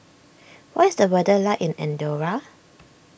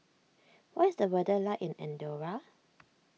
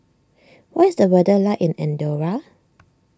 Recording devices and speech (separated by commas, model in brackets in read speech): boundary microphone (BM630), mobile phone (iPhone 6), standing microphone (AKG C214), read sentence